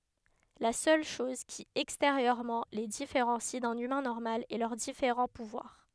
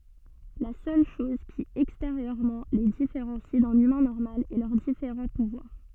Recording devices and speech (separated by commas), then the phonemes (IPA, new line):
headset microphone, soft in-ear microphone, read sentence
la sœl ʃɔz ki ɛksteʁjøʁmɑ̃ le difeʁɑ̃si dœ̃n ymɛ̃ nɔʁmal ɛ lœʁ difeʁɑ̃ puvwaʁ